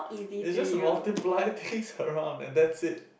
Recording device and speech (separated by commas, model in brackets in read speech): boundary microphone, conversation in the same room